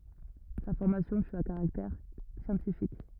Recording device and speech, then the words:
rigid in-ear microphone, read sentence
Sa formation fut à caractère scientifique.

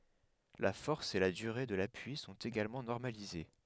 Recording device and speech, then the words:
headset microphone, read sentence
La force et la durée de l'appui sont également normalisées.

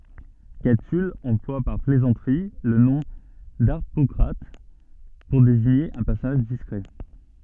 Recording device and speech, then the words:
soft in-ear microphone, read sentence
Catulle emploie par plaisanterie le nom d'Harpocrate pour désigner un personnage discret.

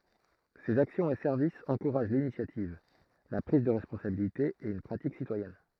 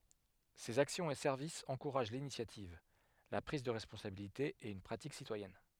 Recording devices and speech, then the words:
throat microphone, headset microphone, read sentence
Ses actions et services encouragent l’initiative, la prise de responsabilité et une pratique citoyenne.

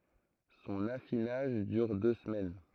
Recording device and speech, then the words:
throat microphone, read sentence
Son affinage dure deux semaines.

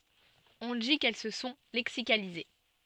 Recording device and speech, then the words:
soft in-ear microphone, read sentence
On dit qu'elles se sont lexicalisées.

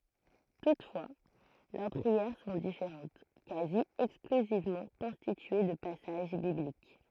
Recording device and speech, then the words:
throat microphone, read sentence
Toutefois, leurs prières sont différentes, quasi exclusivement constituées de passages bibliques.

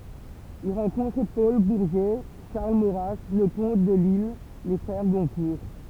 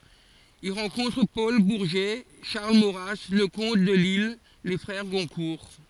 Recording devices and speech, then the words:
temple vibration pickup, forehead accelerometer, read sentence
Il rencontre Paul Bourget, Charles Maurras, Leconte de Lisle, les frères Goncourt.

